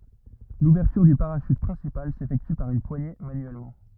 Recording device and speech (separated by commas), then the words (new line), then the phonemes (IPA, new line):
rigid in-ear microphone, read sentence
L'ouverture du parachute principal s'effectue par une poignée manuellement.
luvɛʁtyʁ dy paʁaʃyt pʁɛ̃sipal sefɛkty paʁ yn pwaɲe manyɛlmɑ̃